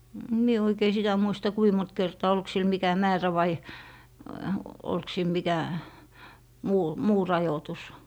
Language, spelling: Finnish, en minä oikein sitä muista kuinka monta kertaa oliko sillä mikä määrä vai oliko sillä mikä muu muu rajoitus
- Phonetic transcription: em 'mie oikei 'sitä muista "kui mont kertaa 'olk sil mikä "määrä va , olk sil 'mikä , 'muu , "muu 'rajotus .

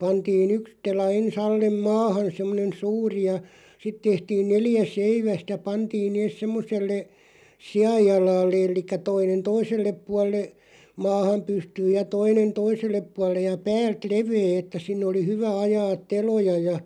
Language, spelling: Finnish, pantiin yksi tela ensin alle maahan semmoinen suuri ja sitten tehtiin neljä seivästä pantiin ne semmoiselle sianjalalle eli toinen toiselle puolelle maahan pystyyn ja toinen toiselle puolelle ja päältä leveä että sinne oli hyvä ajaa teloja ja
- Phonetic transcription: 'pantii"n ‿yks 'tela en's ‿allem "maahan̬ 'semmonen̬ "suuri ja , 'sit tehtiin 'neljä "seivästä 'pantiin nees 'semmoselle , "si₍aj'jalaallᵉ el̆likkä 'toinen "toisellep 'pual̆le , 'maaham 'pystyyj ja 'toinen "toisellep 'puallej ja 'päält "levee että 'sinnᵉ oli "hyvä 'ajaaᵗ "teloja ja ,.

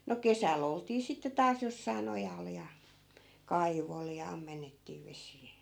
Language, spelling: Finnish, no kesällä oltiin sitten taas jossakin ojalla ja kaivolla ja ammennettiin vesiä
- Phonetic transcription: no "kesäl ‿oltii sitte 'taas jossai̮'n ‿ojal ja , "kaivol ja 'ammennettii 'vesii .

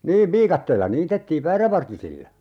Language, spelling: Finnish, niin viikatteella niitettiin väärävartisilla
- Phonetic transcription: niiv 'viikatteella 'niitettiiv "väärävartisilla .

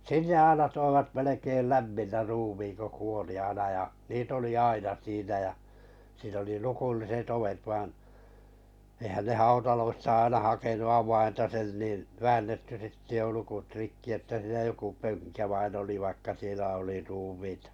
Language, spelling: Finnish, sinne aina toivat melkein lämpimänä ruumiin kun kuoli aina ja niitä oli aina siinä ja siinä oli lukolliset ovet vaan eihän ne hautaloista aina hakenut avainta sen niin väännetty sitten jo lukot rikki että siinä joku pönkä vain oli vaikka siellä oli ruumiita
- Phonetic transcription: 'sinne aina 'toivat melekeil "lämminnä 'ruumiiŋ ko 'kuoli 'aina ja , 'niit ‿oli "aina 'siinä ja , siin ‿oli 'lukulliset 'ovet vaⁱn , ehän ne "hautaloista 'aina 'hakenu 'awainta sen nin , 'väännetty sitte jo 'lukut 'rikki että siinä 'joku 'pöŋkä vain oli 'vaikka sielä oli 'ruumiitᴀ .

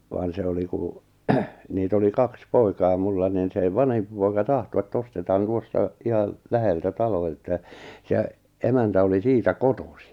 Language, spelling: Finnish, vaan se oli kun niitä oli kaksi poikaa minulla niin se vanhempi poika tahtoi että ostetaan tuosta ihan läheltä talo että se emäntä oli siitä kotoisin
- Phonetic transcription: vaan 'se oli kù , 'niit ‿oli 'kaks "poikaa 'mulla nin sè 'vanhempi poika 'tahto et't ‿ostetaan 'tuosta , 'ihal , 'läheltä 'talo että , se , 'emäntä oli 'siitä "kotosi .

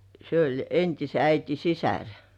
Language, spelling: Finnish, se oli entisen äidin sisar
- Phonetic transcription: se ‿oĺ 'entise 'äiti "sisär .

